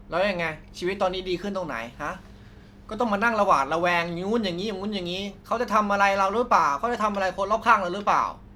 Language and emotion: Thai, frustrated